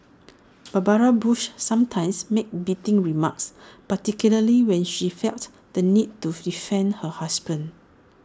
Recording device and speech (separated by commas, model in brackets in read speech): standing microphone (AKG C214), read sentence